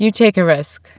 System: none